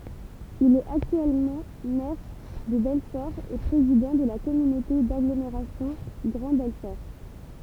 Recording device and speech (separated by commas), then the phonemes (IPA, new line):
temple vibration pickup, read sentence
il ɛt aktyɛlmɑ̃ mɛʁ də bɛlfɔʁ e pʁezidɑ̃ də la kɔmynote daɡlomeʁasjɔ̃ ɡʁɑ̃ bɛlfɔʁ